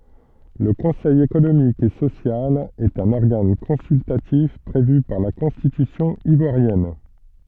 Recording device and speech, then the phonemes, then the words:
soft in-ear microphone, read sentence
lə kɔ̃sɛj ekonomik e sosjal ɛt œ̃n ɔʁɡan kɔ̃syltatif pʁevy paʁ la kɔ̃stitysjɔ̃ ivwaʁjɛn
Le conseil économique et social est un organe consultatif prévu par la Constitution ivoirienne.

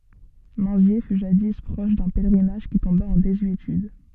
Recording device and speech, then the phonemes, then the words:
soft in-ear microphone, read sentence
mɛ̃zje fy ʒadi pʁɔʃ dœ̃ pɛlʁinaʒ ki tɔ̃ba ɑ̃ dezyetyd
Minzier fut jadis proche d'un pèlerinage qui tomba en désuétude.

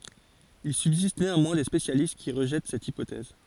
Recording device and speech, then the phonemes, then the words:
forehead accelerometer, read sentence
il sybzist neɑ̃mwɛ̃ de spesjalist ki ʁəʒɛt sɛt ipotɛz
Il subsiste néanmoins des spécialistes qui rejettent cette hypothèse.

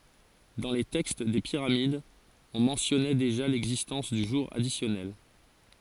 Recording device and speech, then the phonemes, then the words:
forehead accelerometer, read sentence
dɑ̃ le tɛkst de piʁamidz ɔ̃ mɑ̃tjɔnɛ deʒa lɛɡzistɑ̃s dy ʒuʁ adisjɔnɛl
Dans les textes des pyramides, on mentionnait déjà l'existence du jour additionnel.

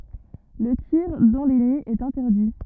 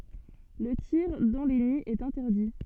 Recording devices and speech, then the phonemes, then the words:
rigid in-ear microphone, soft in-ear microphone, read sentence
lə tiʁ dɑ̃ le niz ɛt ɛ̃tɛʁdi
Le tir dans les nids est interdit.

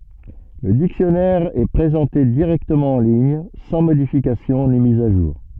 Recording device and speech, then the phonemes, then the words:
soft in-ear microphone, read sentence
lə diksjɔnɛʁ ɛ pʁezɑ̃te diʁɛktəmɑ̃ ɑ̃ liɲ sɑ̃ modifikasjɔ̃ ni miz a ʒuʁ
Le dictionnaire est présenté directement en ligne, sans modification ni mise à jour.

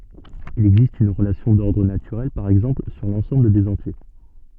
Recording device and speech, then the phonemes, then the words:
soft in-ear microphone, read sentence
il ɛɡzist yn ʁəlasjɔ̃ dɔʁdʁ natyʁɛl paʁ ɛɡzɑ̃pl syʁ lɑ̃sɑ̃bl dez ɑ̃tje
Il existe une relation d'ordre naturelle par exemple sur l'ensemble des entiers.

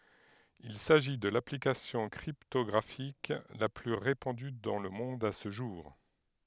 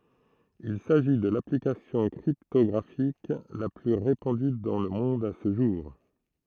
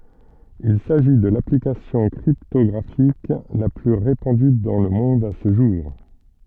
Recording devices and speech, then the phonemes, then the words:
headset microphone, throat microphone, soft in-ear microphone, read sentence
il saʒi də laplikasjɔ̃ kʁiptɔɡʁafik la ply ʁepɑ̃dy dɑ̃ lə mɔ̃d sə ʒuʁ
Il s'agit de l'application cryptographique la plus répandue dans le monde ce jour.

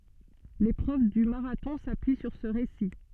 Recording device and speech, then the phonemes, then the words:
soft in-ear microphone, read sentence
lepʁøv dy maʁatɔ̃ sapyi syʁ sə ʁesi
L'épreuve du marathon s'appuie sur ce récit.

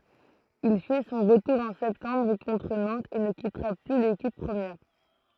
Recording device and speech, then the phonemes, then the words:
throat microphone, read sentence
il fɛ sɔ̃ ʁətuʁ ɑ̃ sɛptɑ̃bʁ kɔ̃tʁ nɑ̃tz e nə kitʁa ply lekip pʁəmjɛʁ
Il fait son retour en septembre contre Nantes et ne quittera plus l'équipe première.

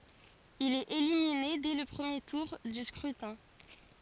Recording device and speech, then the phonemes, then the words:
forehead accelerometer, read sentence
il ɛt elimine dɛ lə pʁəmje tuʁ dy skʁytɛ̃
Il est éliminé dès le premier tour du scrutin.

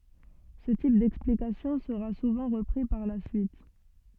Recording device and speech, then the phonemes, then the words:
soft in-ear microphone, read sentence
sə tip dɛksplikasjɔ̃ səʁa suvɑ̃ ʁəpʁi paʁ la syit
Ce type d'explication sera souvent repris par la suite.

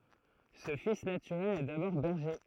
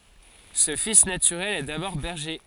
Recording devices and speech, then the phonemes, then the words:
throat microphone, forehead accelerometer, read sentence
sə fis natyʁɛl ɛ dabɔʁ bɛʁʒe
Ce fils naturel est d’abord berger.

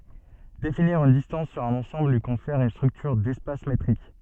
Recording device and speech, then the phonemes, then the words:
soft in-ear microphone, read sentence
definiʁ yn distɑ̃s syʁ œ̃n ɑ̃sɑ̃bl lyi kɔ̃fɛʁ yn stʁyktyʁ dɛspas metʁik
Définir une distance sur un ensemble lui confère une structure d'espace métrique.

